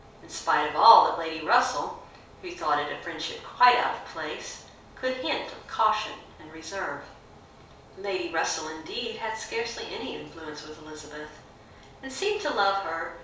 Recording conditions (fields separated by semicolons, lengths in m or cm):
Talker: one person; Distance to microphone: 3.0 m; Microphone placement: far; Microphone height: 1.8 m; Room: small (3.7 m by 2.7 m); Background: none